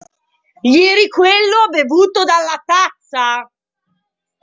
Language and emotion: Italian, angry